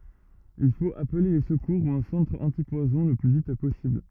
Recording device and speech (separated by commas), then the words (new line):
rigid in-ear microphone, read sentence
Il faut appeler les secours ou un centre antipoison le plus vite possible.